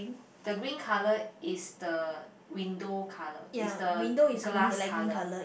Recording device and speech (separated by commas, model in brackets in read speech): boundary microphone, conversation in the same room